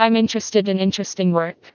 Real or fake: fake